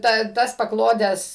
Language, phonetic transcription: Lithuanian, ˈta ˈtas paˈklodes

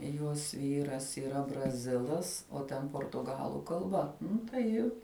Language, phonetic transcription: Lithuanian, ˈjuos ˈvyras yˈra braˈzilas o ˈten portuˈgalu kalˈba ˈnu tai ji

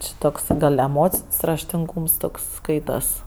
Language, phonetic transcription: Lithuanian, ˈči toks ˈgal' eˈmocin's' raštinˈgūms ˈtoks ˈskaitas

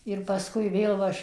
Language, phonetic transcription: Lithuanian, ir pasˈkui ˈvėl va aš

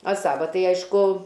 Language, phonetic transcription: Lithuanian, a ˈsava ˈtai ˈaišku

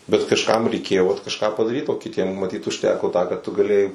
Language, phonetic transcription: Lithuanian, bet kažˈkam reiˈkėjo vat kažˈką padaˈryt o kiˈtiem maˈtyt užˈteko tą ką tu gaˈlėjai

